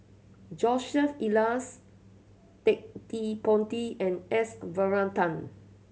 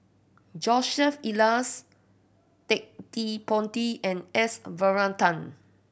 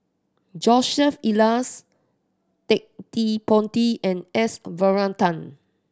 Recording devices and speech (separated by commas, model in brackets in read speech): mobile phone (Samsung C7100), boundary microphone (BM630), standing microphone (AKG C214), read sentence